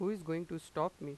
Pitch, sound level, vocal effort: 165 Hz, 89 dB SPL, normal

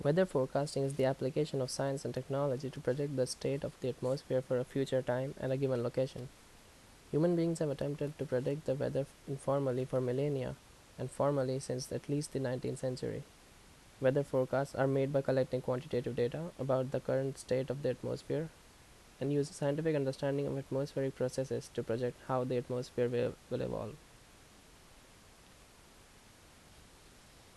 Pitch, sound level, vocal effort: 130 Hz, 77 dB SPL, normal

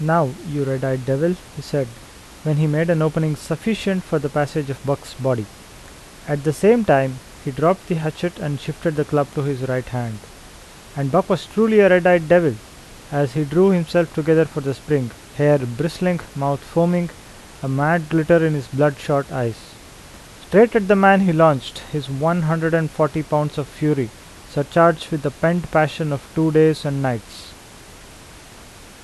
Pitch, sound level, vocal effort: 155 Hz, 83 dB SPL, normal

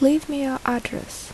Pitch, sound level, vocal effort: 270 Hz, 73 dB SPL, soft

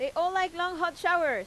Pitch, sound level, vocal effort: 350 Hz, 96 dB SPL, very loud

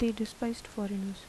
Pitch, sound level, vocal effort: 220 Hz, 76 dB SPL, soft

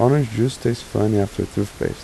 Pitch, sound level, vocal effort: 115 Hz, 82 dB SPL, soft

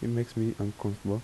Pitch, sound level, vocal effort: 110 Hz, 79 dB SPL, soft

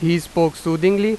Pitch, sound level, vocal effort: 170 Hz, 93 dB SPL, very loud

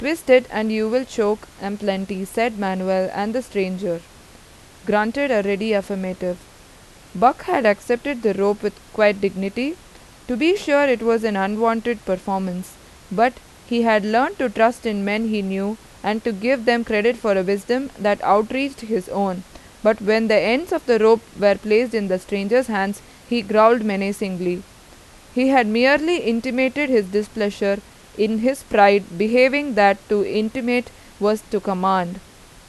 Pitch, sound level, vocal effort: 215 Hz, 88 dB SPL, loud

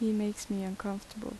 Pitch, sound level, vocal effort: 210 Hz, 77 dB SPL, soft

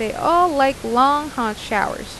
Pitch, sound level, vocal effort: 270 Hz, 86 dB SPL, normal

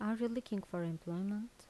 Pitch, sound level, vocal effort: 205 Hz, 80 dB SPL, soft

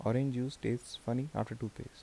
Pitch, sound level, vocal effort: 120 Hz, 76 dB SPL, soft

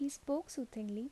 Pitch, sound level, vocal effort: 275 Hz, 76 dB SPL, soft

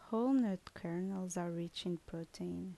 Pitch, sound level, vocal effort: 175 Hz, 76 dB SPL, soft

